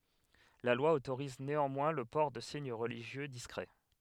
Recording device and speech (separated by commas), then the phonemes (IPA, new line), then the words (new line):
headset microphone, read sentence
la lwa otoʁiz neɑ̃mwɛ̃ lə pɔʁ də siɲ ʁəliʒjø diskʁɛ
La loi autorise néanmoins le port de signes religieux discrets.